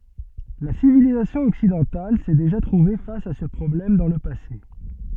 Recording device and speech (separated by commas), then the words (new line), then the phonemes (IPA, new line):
soft in-ear microphone, read sentence
La civilisation occidentale s'est déjà trouvée face à ce problème dans le passé.
la sivilizasjɔ̃ ɔksidɑ̃tal sɛ deʒa tʁuve fas a sə pʁɔblɛm dɑ̃ lə pase